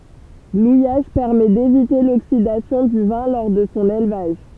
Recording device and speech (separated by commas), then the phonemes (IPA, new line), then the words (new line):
temple vibration pickup, read sentence
lujaʒ pɛʁmɛ devite loksidasjɔ̃ dy vɛ̃ lɔʁ də sɔ̃ elvaʒ
L'ouillage permet d'éviter l'oxydation du vin lors de son élevage.